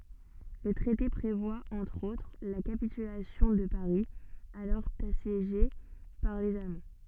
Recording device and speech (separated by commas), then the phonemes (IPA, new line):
soft in-ear microphone, read sentence
lə tʁɛte pʁevwa ɑ̃tʁ otʁ la kapitylasjɔ̃ də paʁi alɔʁ asjeʒe paʁ lez almɑ̃